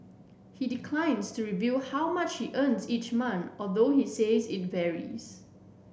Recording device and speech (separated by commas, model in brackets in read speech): boundary microphone (BM630), read sentence